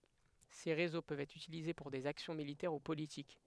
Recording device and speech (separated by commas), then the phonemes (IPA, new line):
headset microphone, read sentence
se ʁezo pøvt ɛtʁ ytilize puʁ dez aksjɔ̃ militɛʁ u politik